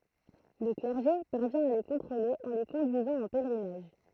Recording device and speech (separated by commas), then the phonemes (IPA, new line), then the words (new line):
throat microphone, read sentence
lə klɛʁʒe paʁvjɛ̃ a le kɔ̃tʁole ɑ̃ le kɔ̃dyizɑ̃ ɑ̃ pɛlʁinaʒ
Le clergé parvient à les contrôler en les conduisant en pèlerinage.